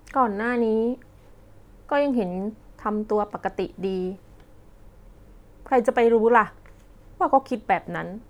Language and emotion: Thai, frustrated